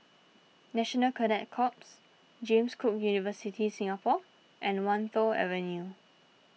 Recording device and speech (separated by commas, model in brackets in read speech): mobile phone (iPhone 6), read sentence